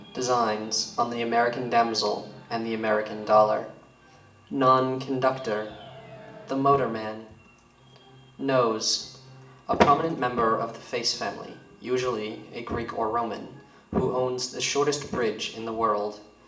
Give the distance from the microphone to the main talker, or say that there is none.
1.8 m.